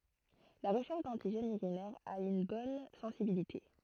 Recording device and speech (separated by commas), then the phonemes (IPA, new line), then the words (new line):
throat microphone, read sentence
la ʁəʃɛʁʃ dɑ̃tiʒɛnz yʁinɛʁz a yn bɔn sɑ̃sibilite
La recherche d'antigènes urinaires a une bonne sensibilité.